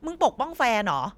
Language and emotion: Thai, angry